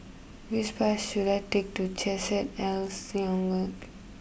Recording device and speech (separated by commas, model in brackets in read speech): boundary microphone (BM630), read sentence